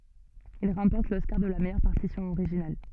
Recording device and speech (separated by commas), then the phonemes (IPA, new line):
soft in-ear microphone, read sentence
il ʁɑ̃pɔʁt lɔskaʁ də la mɛjœʁ paʁtisjɔ̃ oʁiʒinal